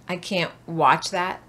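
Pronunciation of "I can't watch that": In 'can't watch', the t at the end of 'can't' is not released, so no t is heard before 'watch'.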